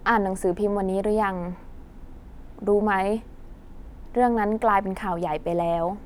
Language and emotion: Thai, neutral